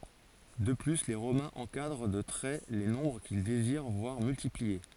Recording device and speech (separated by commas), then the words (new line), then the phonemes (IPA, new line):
forehead accelerometer, read sentence
De plus, les Romains encadrent de traits les nombres qu'ils désirent voir multipliés.
də ply le ʁomɛ̃z ɑ̃kadʁ də tʁɛ le nɔ̃bʁ kil deziʁ vwaʁ myltiplie